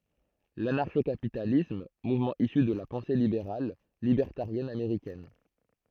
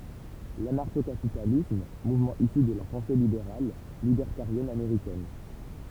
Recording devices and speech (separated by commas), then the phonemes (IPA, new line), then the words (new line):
throat microphone, temple vibration pickup, read sentence
lanaʁʃo kapitalism muvmɑ̃ isy də la pɑ̃se libeʁal libɛʁtaʁjɛn ameʁikɛn
L'anarcho-capitalisme, mouvement issu de la pensée libérale, libertarienne américaine.